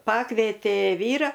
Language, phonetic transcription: Lithuanian, ˈpakvėtė ˈvyra

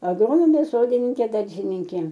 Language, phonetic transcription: Lithuanian, agˈronomė ˈsodininkė ˈdaržininkė

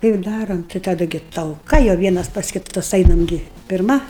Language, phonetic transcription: Lithuanian, ˈtai ir ˈdarom tai taˈda gi talˈka jau ˈvienas pas kiˈtas ˈainam ˈgi pirˈma

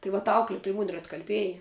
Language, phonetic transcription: Lithuanian, ˈtai vat ˈaukletuj mun' ir atkalˈbieja

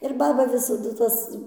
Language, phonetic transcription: Lithuanian, ir ˈbaba visaˈdu ˈtas

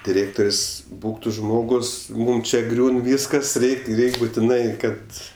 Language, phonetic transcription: Lithuanian, diˈrėktor's' ˈbūk tu ˈžmogus ˈmūm čia ˈgriūn ˈvyskas ˈreik' ˈreik' butiˈnai ˈkad

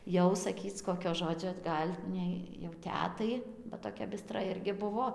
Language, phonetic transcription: Lithuanian, ˈjau saˈkyc ˈkokio ˈžodžio ˈgal' nei jau ˈtetai ba toˈkia biˈstra ˈirgi ˈbuvo

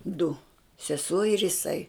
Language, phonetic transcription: Lithuanian, du seˈsuo ir jiˈsai

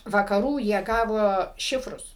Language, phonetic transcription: Lithuanian, vakaˈrų jie ˈgavo ˈšifrus

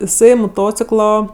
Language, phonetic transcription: Lithuanian, iˈsai moˈtociklo

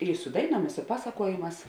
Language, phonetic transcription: Lithuanian, i su ˈdaiˌnuom i su ˈpasakuojėˌmās

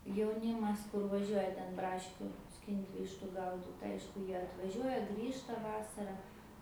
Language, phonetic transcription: Lithuanian, jauˈnymas ˈkur vaˈžiuoja ten ˈbraškių ˈskint' ˈvištu ˈgaudit ˈaišku ˈjie atvaˈžiuoja ˈgrįžta ˈvasara

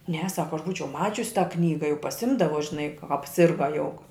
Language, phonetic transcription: Lithuanian, ne ˈsako aš ˈbūčiau ˈmačius tą ˈknyga jau paˈsimdavo žiˈnai ka apˈsirga jau

